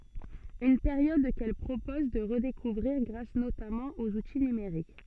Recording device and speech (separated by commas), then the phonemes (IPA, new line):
soft in-ear microphone, read sentence
yn peʁjɔd kɛl pʁopɔz də ʁədekuvʁiʁ ɡʁas notamɑ̃ oz uti nymeʁik